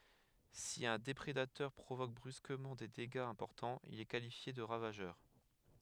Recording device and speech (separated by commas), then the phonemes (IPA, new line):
headset microphone, read sentence
si œ̃ depʁedatœʁ pʁovok bʁyskəmɑ̃ de deɡaz ɛ̃pɔʁtɑ̃z il ɛ kalifje də ʁavaʒœʁ